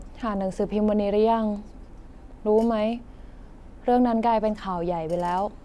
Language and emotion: Thai, neutral